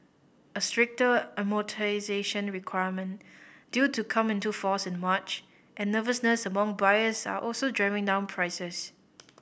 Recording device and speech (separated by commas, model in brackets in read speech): boundary microphone (BM630), read sentence